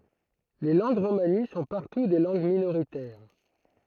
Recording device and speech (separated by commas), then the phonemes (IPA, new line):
throat microphone, read sentence
le lɑ̃ɡ ʁomani sɔ̃ paʁtu de lɑ̃ɡ minoʁitɛʁ